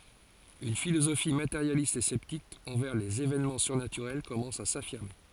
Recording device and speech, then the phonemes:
forehead accelerometer, read sentence
yn filozofi mateʁjalist e sɛptik ɑ̃vɛʁ lez evɛnmɑ̃ syʁnatyʁɛl kɔmɑ̃s a safiʁme

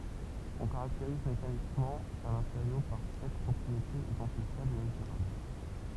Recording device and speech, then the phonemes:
temple vibration pickup, read sentence
ɔ̃ kaʁakteʁiz mekanikmɑ̃ œ̃ mateʁjo paʁ sɛt pʁɔpʁietez idɑ̃tifjablz e məzyʁabl

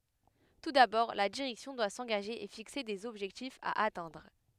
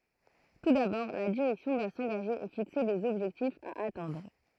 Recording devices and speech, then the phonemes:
headset microphone, throat microphone, read sentence
tu dabɔʁ la diʁɛksjɔ̃ dwa sɑ̃ɡaʒe e fikse dez ɔbʒɛktifz a atɛ̃dʁ

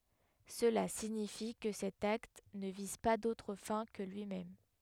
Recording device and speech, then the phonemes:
headset microphone, read sentence
səla siɲifi kə sɛt akt nə viz pa dotʁ fɛ̃ kə lyimɛm

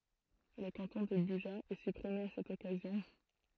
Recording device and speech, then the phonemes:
throat microphone, read sentence
lə kɑ̃tɔ̃ də byʒa ɛ sypʁime a sɛt ɔkazjɔ̃

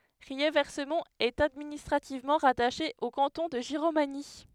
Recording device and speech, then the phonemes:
headset microphone, read sentence
ʁiɛʁvɛsmɔ̃t ɛt administʁativmɑ̃ ʁataʃe o kɑ̃tɔ̃ də ʒiʁomaɲi

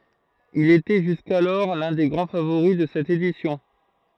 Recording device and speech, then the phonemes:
throat microphone, read sentence
il etɛ ʒyskalɔʁ lœ̃ de ɡʁɑ̃ favoʁi də sɛt edisjɔ̃

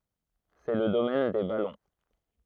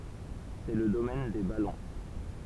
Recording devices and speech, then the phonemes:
throat microphone, temple vibration pickup, read sentence
sɛ lə domɛn de balɔ̃

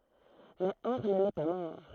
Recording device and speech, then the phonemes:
throat microphone, read sentence
mɛ ɔʁn nɛ pa mɔʁ

